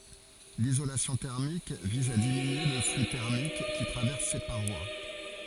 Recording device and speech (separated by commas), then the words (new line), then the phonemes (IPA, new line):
forehead accelerometer, read sentence
L'isolation thermique vise à diminuer le flux thermique qui traverse ses parois.
lizolasjɔ̃ tɛʁmik viz a diminye lə fly tɛʁmik ki tʁavɛʁs se paʁwa